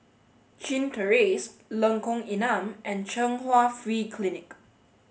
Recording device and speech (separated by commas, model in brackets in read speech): mobile phone (Samsung S8), read sentence